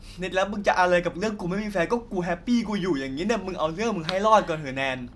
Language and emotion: Thai, frustrated